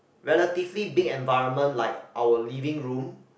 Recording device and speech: boundary microphone, conversation in the same room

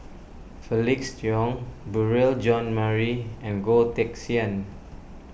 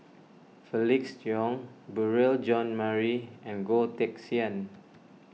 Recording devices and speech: boundary microphone (BM630), mobile phone (iPhone 6), read sentence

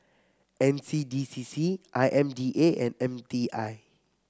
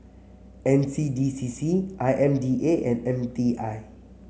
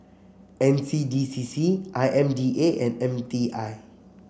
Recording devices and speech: close-talking microphone (WH30), mobile phone (Samsung C7), boundary microphone (BM630), read sentence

